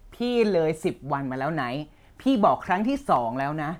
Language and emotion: Thai, angry